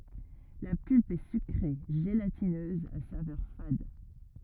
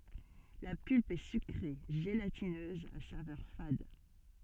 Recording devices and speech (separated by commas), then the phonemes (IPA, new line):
rigid in-ear microphone, soft in-ear microphone, read sentence
la pylp ɛ sykʁe ʒelatinøz a savœʁ fad